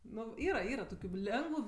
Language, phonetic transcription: Lithuanian, ˈnu ˈyra ˈyra ˈtokiu ˈlengvu

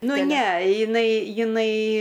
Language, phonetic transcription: Lithuanian, ˈnu ˈne jiˈnai jiˈnai

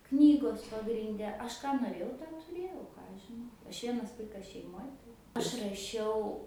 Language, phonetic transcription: Lithuanian, ˈknygos pagrinˈde ˈaš ˈką noˈrėjau tą tuˈrėjau ˈką aš žiˈnau ˈaš ˈvienas ˈvaikas šeiˈmoj tai ˈaš raˈšiau

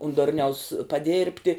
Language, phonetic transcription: Lithuanian, un ˈdurniaus paˈdėrbti

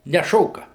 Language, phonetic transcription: Lithuanian, neˈšoka

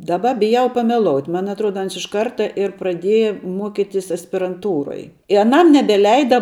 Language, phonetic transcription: Lithuanian, ˈdaˌba biˈjau pameˈlout' ˈman atˈruoda ˈans iš ˈkarta ir praˈdėja ˈmuokitis aspiranˈtūroj i aˈnam nebeˈleida

